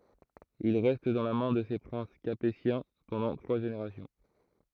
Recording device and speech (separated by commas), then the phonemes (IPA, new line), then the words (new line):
throat microphone, read sentence
il ʁɛst dɑ̃ la mɛ̃ də se pʁɛ̃s kapetjɛ̃ pɑ̃dɑ̃ tʁwa ʒeneʁasjɔ̃
Il reste dans la main de ces princes capétiens pendant trois générations.